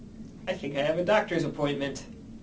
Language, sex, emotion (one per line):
English
male
neutral